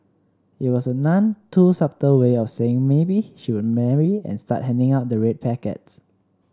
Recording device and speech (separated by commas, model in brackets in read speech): standing microphone (AKG C214), read sentence